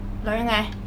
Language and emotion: Thai, frustrated